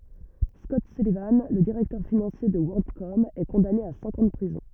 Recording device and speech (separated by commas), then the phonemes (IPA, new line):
rigid in-ear microphone, read sentence
skɔt sylivɑ̃ lə diʁɛktœʁ finɑ̃sje də wɔʁldkɔm ɛ kɔ̃dane a sɛ̃k ɑ̃ də pʁizɔ̃